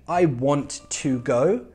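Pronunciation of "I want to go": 'I want to go' is said in a very emphasized way that sounds a bit strange, not the way it sounds in natural speech.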